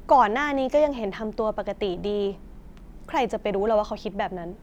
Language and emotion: Thai, frustrated